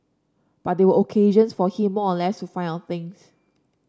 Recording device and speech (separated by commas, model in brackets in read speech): standing microphone (AKG C214), read sentence